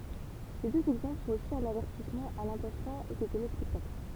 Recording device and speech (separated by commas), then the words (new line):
temple vibration pickup, read sentence
Ces deux exemples sont aussi un avertissement à l'intention des téléspectateurs.